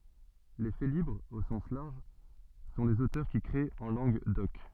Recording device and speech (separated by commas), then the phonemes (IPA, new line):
soft in-ear microphone, read sentence
le felibʁz o sɑ̃s laʁʒ sɔ̃ lez otœʁ ki kʁet ɑ̃ lɑ̃ɡ dɔk